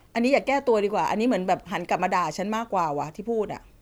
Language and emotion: Thai, frustrated